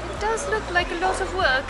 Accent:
In a British accent